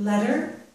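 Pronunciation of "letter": In 'letter', the middle consonant is a flap sound, not a t sound.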